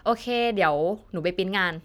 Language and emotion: Thai, neutral